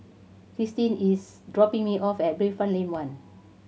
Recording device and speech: mobile phone (Samsung C7100), read sentence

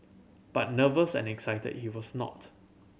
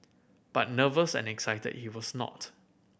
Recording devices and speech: mobile phone (Samsung C7100), boundary microphone (BM630), read sentence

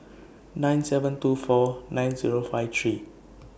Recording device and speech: boundary microphone (BM630), read sentence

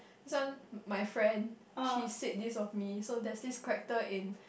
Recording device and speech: boundary microphone, conversation in the same room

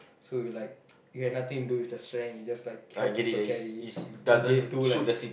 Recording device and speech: boundary microphone, conversation in the same room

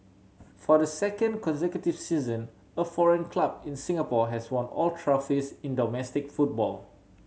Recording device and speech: mobile phone (Samsung C7100), read sentence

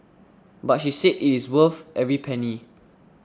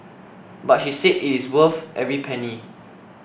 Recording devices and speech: standing microphone (AKG C214), boundary microphone (BM630), read sentence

